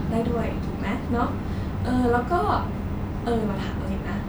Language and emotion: Thai, neutral